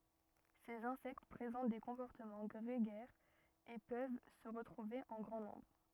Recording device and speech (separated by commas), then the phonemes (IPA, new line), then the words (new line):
rigid in-ear microphone, read sentence
sez ɛ̃sɛkt pʁezɑ̃t de kɔ̃pɔʁtəmɑ̃ ɡʁeɡɛʁz e pøv sə ʁətʁuve ɑ̃ ɡʁɑ̃ nɔ̃bʁ
Ces insectes présentent des comportements grégaires et peuvent se retrouver en grand nombre.